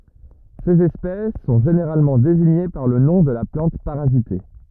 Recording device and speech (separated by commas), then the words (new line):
rigid in-ear microphone, read sentence
Ces espèces sont généralement désignées par le nom de la plante parasitée.